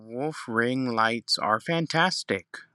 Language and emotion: English, sad